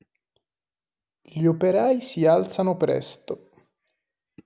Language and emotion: Italian, neutral